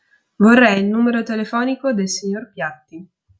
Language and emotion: Italian, neutral